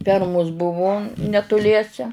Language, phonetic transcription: Lithuanian, ˈfermus ˈbuvu netuˈliese

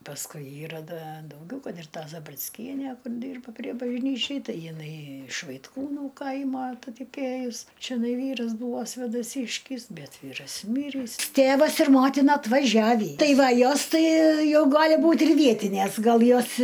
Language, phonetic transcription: Lithuanian, pasˈkui ˈyra ˈda dauˈgiau ˈkad ir ˈta zabricˈkienæ ˈkur ˈdyrba prie bažˈnyčiai ˈtai jiˈnai iš vaitˈkūnų ˈkaimo atataˈkėjus čeˈnai ˈvyras ˈbūvo svėdaˈsyškis ˈbet ˈvyras ˈmyrįs ˈtėvas ir ˈmotina atvaˈžiavį ˈtai ˈva ˈjos ˈtai ˈjau ˈgali ˈbūt' ir ˈvietinės ˈgal ˈjos

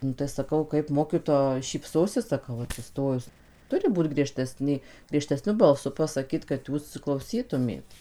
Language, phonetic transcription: Lithuanian, nu tai saˈkau kaip ˈmokitoja šypˈsosis saˈkau atsiˈstojus ˈturi ˈbūt grieˈžtesnė griežteˈsniu balˈsu pasaˈkyt kad ˈjūs klauˈsytumėt

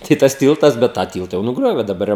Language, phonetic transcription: Lithuanian, ˈtai tas ˈtyltas ˈbet tą ˈtylta jau nuˈgriovė daˈbar jau

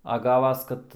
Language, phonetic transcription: Lithuanian, a ˈgavas ˈkad

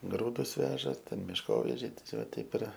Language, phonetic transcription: Lithuanian, ˈgrūdus ˈveža ˈten mišˈkovežiai tieˈsio ˈteip ir

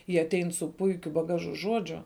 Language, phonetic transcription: Lithuanian, jie aˈtein su ˈpuikiu baˈgažu ˈžuodžiu

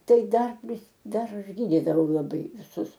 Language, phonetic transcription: Lithuanian, ˈtai ˈdar ˈvis ˈdar ˈaš ˈgydidavau laˈbai viˈsus

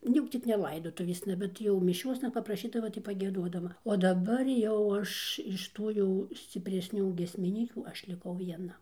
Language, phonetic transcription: Lithuanian, nu ˈjau ˈcik ne ˈlaidotuvėsna ˈbet jau miˈšiosna papraˈšydava tai pagieˈduodava o daˈbar ˈjau ˈaš iš ˈtų jau scipresˈnių giesmiˈnykių ˈaš liˈkau vieˈna

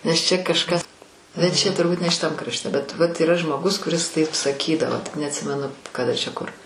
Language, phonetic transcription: Lithuanian, nes ˈčia kažˈkas bet ˈčia turˈbūt ne šiˈtam krašˈte bet ˈvat yˈra žmoˈgus kuˈris ˈtaip saˈkydavo tik neatˈsimenu kaˈda čia ˈkur

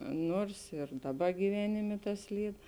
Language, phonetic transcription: Lithuanian, ˈnuors ir ˈdaˌba gyˈvenimė ˈtas ˈlyd

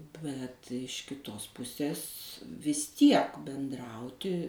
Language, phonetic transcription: Lithuanian, bet iš kiˈtos ˈpusės vis ˈtiek benˈdrauti

